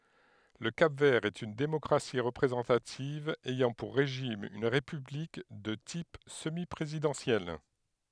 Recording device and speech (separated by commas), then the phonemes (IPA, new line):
headset microphone, read sentence
lə kap vɛʁ ɛt yn demɔkʁasi ʁəpʁezɑ̃tativ ɛjɑ̃ puʁ ʁeʒim yn ʁepyblik də tip səmi pʁezidɑ̃sjɛl